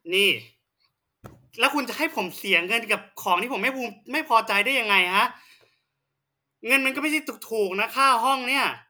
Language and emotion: Thai, angry